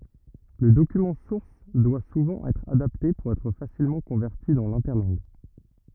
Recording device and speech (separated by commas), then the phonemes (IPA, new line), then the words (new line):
rigid in-ear microphone, read sentence
lə dokymɑ̃ suʁs dwa suvɑ̃ ɛtʁ adapte puʁ ɛtʁ fasilmɑ̃ kɔ̃vɛʁti dɑ̃ lɛ̃tɛʁlɑ̃ɡ
Le document source doit souvent être adapté pour être facilement converti dans l'interlangue.